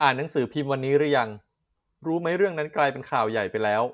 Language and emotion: Thai, neutral